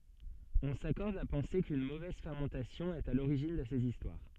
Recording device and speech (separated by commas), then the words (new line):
soft in-ear microphone, read sentence
On s'accorde à penser qu'une mauvaise fermentation est à l'origine de ces histoires.